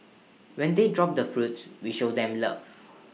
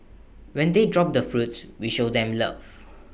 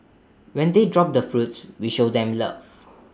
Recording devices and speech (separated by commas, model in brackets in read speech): mobile phone (iPhone 6), boundary microphone (BM630), standing microphone (AKG C214), read sentence